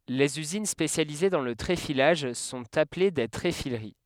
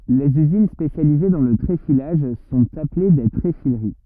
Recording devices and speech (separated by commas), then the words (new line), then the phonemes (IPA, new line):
headset microphone, rigid in-ear microphone, read sentence
Les usines spécialisées dans le tréfilage sont appelées des tréfileries.
lez yzin spesjalize dɑ̃ lə tʁefilaʒ sɔ̃t aple de tʁefiləʁi